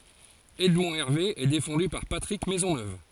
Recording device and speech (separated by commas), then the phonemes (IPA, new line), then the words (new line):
forehead accelerometer, read sentence
ɛdmɔ̃ ɛʁve ɛ defɑ̃dy paʁ patʁik mɛzɔnøv
Edmond Hervé est défendu par Patrick Maisonneuve.